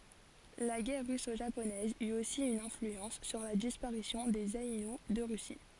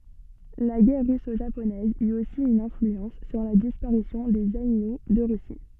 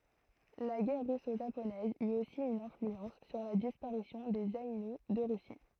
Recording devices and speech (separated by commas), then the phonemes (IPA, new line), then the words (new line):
forehead accelerometer, soft in-ear microphone, throat microphone, read sentence
la ɡɛʁ ʁyso ʒaponɛz yt osi yn ɛ̃flyɑ̃s syʁ la dispaʁisjɔ̃ dez ainu də ʁysi
La guerre russo-japonaise eut aussi une influence sur la disparition des Aïnous de Russie.